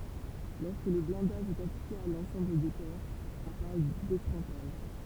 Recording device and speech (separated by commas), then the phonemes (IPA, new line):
temple vibration pickup, read sentence
lɔʁskə lə blɛ̃daʒ ɛt aplike a lɑ̃sɑ̃bl de pɛʁz ɔ̃ paʁl dekʁɑ̃taʒ